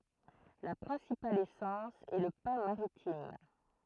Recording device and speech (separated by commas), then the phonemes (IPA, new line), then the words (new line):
throat microphone, read sentence
la pʁɛ̃sipal esɑ̃s ɛ lə pɛ̃ maʁitim
La principale essence est le pin maritime.